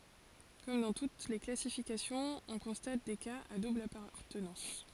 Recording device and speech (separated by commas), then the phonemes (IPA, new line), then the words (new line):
forehead accelerometer, read sentence
kɔm dɑ̃ tut le klasifikasjɔ̃z ɔ̃ kɔ̃stat de kaz a dubl apaʁtənɑ̃s
Comme dans toutes les classifications, on constate des cas à double appartenance.